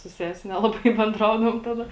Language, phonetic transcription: Lithuanian, su ˈsesi ˈnelabai benˈdraudavom ˈtada

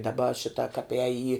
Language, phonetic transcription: Lithuanian, daˈba ˈšita kap ēj į

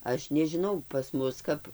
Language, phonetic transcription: Lithuanian, ˈaš nežiˈnau pas ˈmus kap

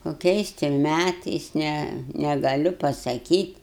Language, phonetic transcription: Lithuanian, koˈkiais ti ˈmætais ˈne negaˈliu pasaˈkyt'

